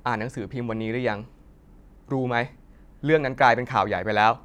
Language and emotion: Thai, frustrated